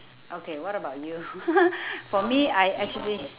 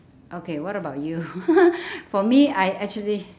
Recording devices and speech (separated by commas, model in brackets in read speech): telephone, standing microphone, conversation in separate rooms